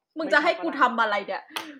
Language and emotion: Thai, angry